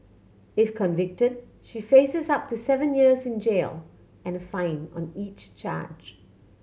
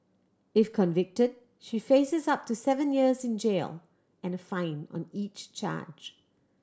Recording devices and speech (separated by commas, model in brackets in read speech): mobile phone (Samsung C7100), standing microphone (AKG C214), read sentence